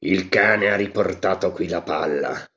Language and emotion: Italian, angry